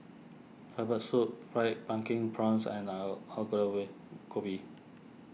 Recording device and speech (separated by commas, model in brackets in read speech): mobile phone (iPhone 6), read sentence